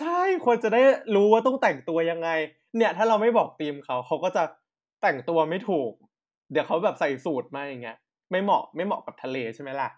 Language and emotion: Thai, happy